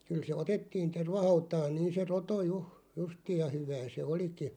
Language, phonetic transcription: Finnish, 'kyl se "otettiin 'tervahautaan 'niin̬ se "roto 'juʰ- , 'justiij ja "hyvää se 'oliki .
- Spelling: kyllä se otettiin tervahautaan niin se roto - justiin ja hyvää se olikin

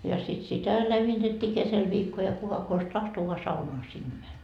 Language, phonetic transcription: Finnish, ja sit sitä 'lämmitettii kesel 'viikko ja 'kuka kos "tahto voa 'saunoa sinne 'mäń .
- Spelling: ja sitten sitä lämmitettiin keskellä viikkoa ja kuka konsa tahtoi vain saunaan sinne meni

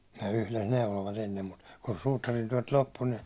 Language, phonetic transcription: Finnish, ne 'yhles 'neulovat ennem mut , kun 'suutarintyäₒt 'loppu ni ,.
- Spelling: ne yhdessä neuloivat ennen mutta kun suutarintyöt loppui niin

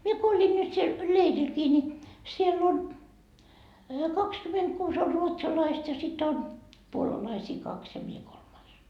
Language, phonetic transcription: Finnish, mie ko 'oĺin nyt siel , "leirilkii ni , 'siell ‿on , 'kakskymentkuus or ‿'ruotsalaist ja sit ‿on , 'puolalaisii kaks ja 'mie kolmais .
- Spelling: minä kun olin nyt siellä leirilläkin niin siellä on kaksikymmentäkuusi on ruotsalaista ja sitten on puolalaisia kaksi ja minä kolmas

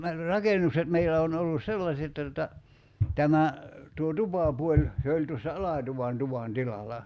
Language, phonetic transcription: Finnish, "rakenukset 'meilä on ollus "sellaset [jot]ta tuta , 'tämä , tuo "tupàpuoĺ , 'se oĺ tuossa "alàtuvan 'tuvan "tilala .
- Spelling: rakennukset meillä on ollut sellaiset jotta tuota tämä tuo tupapuoli se oli tuossa alatuvan tuvan tilalla

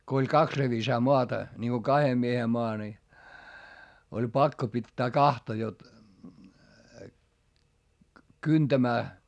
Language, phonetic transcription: Finnish, ko oĺ kaks revisaa moata , ńiŋGo kahe miehe moa ni , oĺ pakko pittää kahta jot , kyntämää ,.
- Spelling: kun oli kaksi revisaa maata niin kun kahden miehen maa niin oli pakko pitää kahta jotta kyntämään

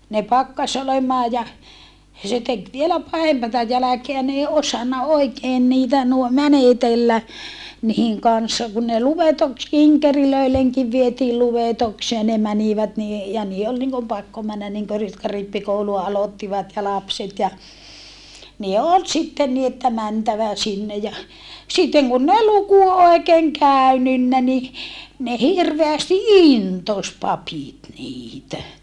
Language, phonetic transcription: Finnish, ne pakkas ‿olemaa ja , se tek vielä pahempata jäläkeä n ‿ei osanna oikeen niitä nuo mänetellä , nihiŋ kanssa kun ne luvetoks - kiŋkerilöileŋkiv vietiil luvetoksee ne mänivät ni e - ja nii₍e ol niŋkom pakko männä niŋkö ‿r - jotka rippikoulua alottivat ja lapset ja , ne ol sitten ni että mäntävä sinne ja , sitteŋ kunn ‿ei luku òikeeŋ kä̀y̬nynnä ni , ne hirveästi intos papit niitä .
- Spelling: ne pakkasi olemaan ja se teki vielä pahempaa jälkeä ne ei osannut oikein niitä nuo menetellä niiden kanssa kun ne - kinkereillekin vietiin luetukseen ne menivät niin - ja niiden oli niin kuin pakko mennä niin kuin - jotka rippikoulua aloittivat ja lapset ja ne oli sitten niin että mentävä sinne ja sitten kun ei luku oikein käynyt niin ne hirveästi intosi papit niitä

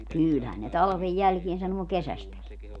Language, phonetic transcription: Finnish, 'kỳlhän ne 'talᵃvej "jälkien sanuo "kesästäki .
- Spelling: kyllähän ne talven jälkeen sanoo kesästäkin

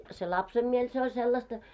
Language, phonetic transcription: Finnish, se 'lapsem miel se oĺ 'sellasta .
- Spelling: se lapsen mieli se oli sellaista

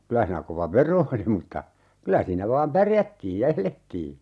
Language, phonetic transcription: Finnish, 'kylä hiinää kova "vero oli mutta , 'kylä siinä vaam "pärjättiij ja 'elettii .
- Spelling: kyllä siinä kova vero oli mutta kyllä siinä vain pärjättiin ja elettiin

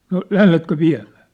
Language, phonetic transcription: Finnish, » no "lähletkö "viä̭mᴀ̈ᴀ̈ ? «
- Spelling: no lähdetkö viemään

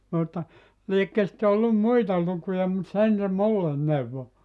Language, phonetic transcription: Finnish, mutta , 'liekkö sⁱtte ollum "muita 'lukuja mut 'sen se "mullen 'neuvvo .
- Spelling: mutta liekö sitten ollut muita lukuja mutta sen se minulle neuvoi

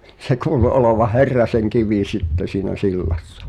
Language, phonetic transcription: Finnish, se kuulu 'olovah̆ "Herraseŋkivi 'sitte siinä "sillassa .
- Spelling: se kuului olevan Herrasenkivi sitten siinä sillassa

